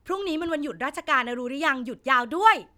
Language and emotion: Thai, happy